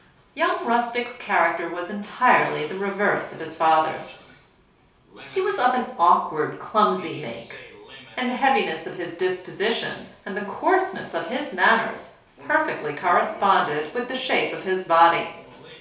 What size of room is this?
A small space (about 3.7 m by 2.7 m).